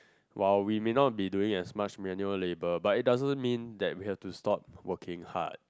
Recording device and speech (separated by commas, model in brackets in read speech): close-talking microphone, conversation in the same room